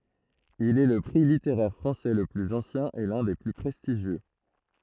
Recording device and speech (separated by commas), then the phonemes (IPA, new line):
throat microphone, read sentence
il ɛ lə pʁi liteʁɛʁ fʁɑ̃sɛ lə plyz ɑ̃sjɛ̃ e lœ̃ de ply pʁɛstiʒjø